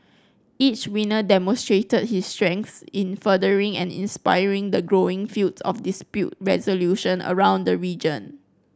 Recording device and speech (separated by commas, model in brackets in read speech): close-talking microphone (WH30), read sentence